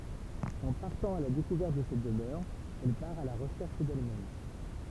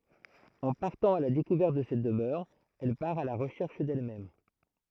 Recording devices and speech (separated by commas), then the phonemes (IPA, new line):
temple vibration pickup, throat microphone, read sentence
ɑ̃ paʁtɑ̃ a la dekuvɛʁt də sɛt dəmœʁ ɛl paʁ a la ʁəʃɛʁʃ dɛlmɛm